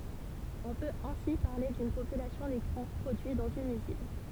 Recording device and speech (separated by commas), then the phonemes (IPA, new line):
temple vibration pickup, read sentence
ɔ̃ pøt ɛ̃si paʁle dyn popylasjɔ̃ dekʁu pʁodyi dɑ̃z yn yzin